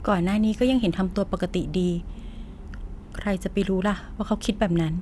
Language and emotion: Thai, frustrated